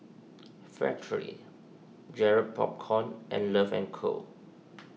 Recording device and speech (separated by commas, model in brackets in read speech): mobile phone (iPhone 6), read sentence